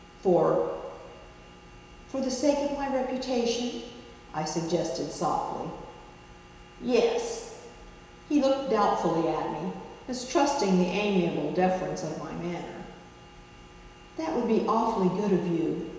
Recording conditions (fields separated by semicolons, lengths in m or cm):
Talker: one person; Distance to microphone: 1.7 m; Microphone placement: close; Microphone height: 1.0 m; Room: very reverberant, large; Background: none